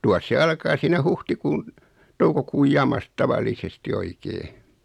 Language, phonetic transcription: Finnish, 'tuas se 'alkaa siinä 'huhtikuun , 'toukokuuj "jamas(t) "tavallisesti 'oikee .
- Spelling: tuossa se alkaa siinä huhtikuun toukokuun jamassa tavallisesti oikein

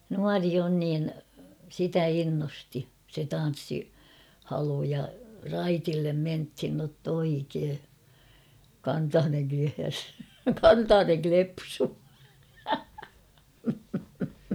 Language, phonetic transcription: Finnish, nuari on niin , sitä 'innosti , se 'tan̬ssi-,'-halu ja , "raitillem 'menthin nott ‿'oikee , 'kantaaneŋ (kehäs) , "kantaaneŋ 'klepsuu !
- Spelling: nuori on niin sitä innosti se tanssihalu ja raitille mentiin jotta oikein kantanen kehäs kantanen klepsuu

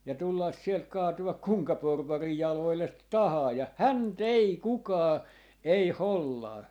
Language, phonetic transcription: Finnish, ja 'tullas sielt "kaatu₍ak 'kuŋka 'porvarij 'jaloillet "tahaa ja , "hän"t ‿ei "kukaa , 'ei "hollaa .
- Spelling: ja tulla sieltä kaatua kenenkä porvarin jaloille tahansa ja häntä ei kukaan ei hollaa

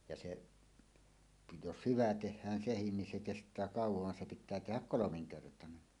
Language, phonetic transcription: Finnish, ja seˀ , 'jos "hyvä 'teh̆hään "sehin nin se 'kest̀ää "káuwov van se pit̆tää tehäk "kolomiŋkertanen .
- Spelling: ja se jos hyvä tehdään se niin se kestää kauan vaan se pitää tehdä kolminkertainen

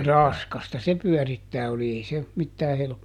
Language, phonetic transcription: Finnish, "raskasta se ˈpyɔ̈̀rittää oli ˈei se , ˈmittää ˈhelp- ,.
- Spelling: raskasta se pyörittää oli ei se mitään -

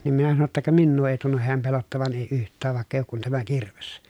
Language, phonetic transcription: Finnish, nim minä sano ‿tta » ka minnuu èi tunnuh heäm pelottavan èi yht̆tääv vàekk ‿èi ook kun tämä kirves » .
- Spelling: niin minä sanoin jotta ka minua ei tunnu hän pelottavan ei yhtään vaikka ei ole kuin tämä kirves

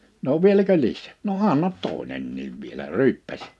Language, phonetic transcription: Finnish, » no 'vieläkö 'lissÈ ? « » no 'annat 'tòi̬nenniiv vie1ä « "ryyppäś .
- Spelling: no vieläkö lisää no anna toinenkin vielä ryyppäsi

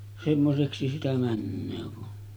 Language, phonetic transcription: Finnish, semmoseksi sitä 'männöö kun ,.
- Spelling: semmoiseksi sitä menee kun

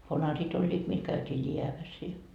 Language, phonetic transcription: Finnish, 'vanarit oĺĺiit mil käytii "liäväs i .
- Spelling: vanarit olivat millä käytiin läävässä i

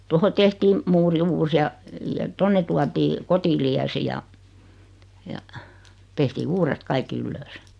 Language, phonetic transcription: Finnish, 'toho tehtiim , 'muuri "uus ja , ja 'tonne tuatii , 'Kotiliäsi ja , ja , tehtii 'uuret 'kaikki "yllöös .
- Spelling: tuohon tehtiin muuri uusi ja ja tuonne tuotiin Kotiliesi ja ja tehtiin uudet kaikki ylös

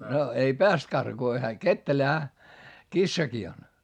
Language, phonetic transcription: Finnish, no , ei peäst karkuu ko hää kettelähä , kissaki on .
- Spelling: no ei päässyt karkuun kun hän ketterähän kissakin on

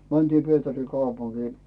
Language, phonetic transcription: Finnish, 'mäntii Pietäri kaupuŋkii .
- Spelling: mentiin Pietarin kaupunkiin

